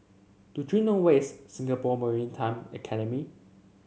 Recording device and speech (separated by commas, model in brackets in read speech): mobile phone (Samsung C7), read sentence